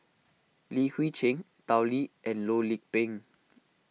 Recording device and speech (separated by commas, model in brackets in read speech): mobile phone (iPhone 6), read sentence